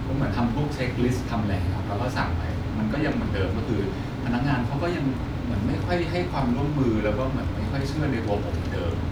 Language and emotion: Thai, frustrated